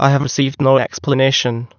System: TTS, waveform concatenation